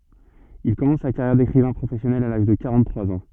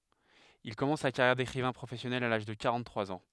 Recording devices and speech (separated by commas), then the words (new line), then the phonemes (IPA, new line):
soft in-ear microphone, headset microphone, read sentence
Il commence sa carrière d’écrivain professionnel à l’âge de quarante-trois ans.
il kɔmɑ̃s sa kaʁjɛʁ dekʁivɛ̃ pʁofɛsjɔnɛl a laʒ də kaʁɑ̃ttʁwaz ɑ̃